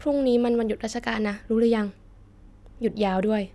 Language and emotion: Thai, neutral